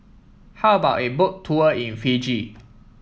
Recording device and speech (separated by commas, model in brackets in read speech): mobile phone (iPhone 7), read sentence